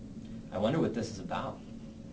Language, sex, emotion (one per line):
English
male
neutral